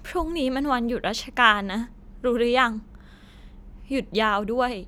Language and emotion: Thai, sad